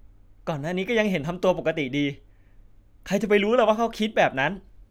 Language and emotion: Thai, frustrated